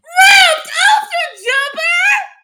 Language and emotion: English, surprised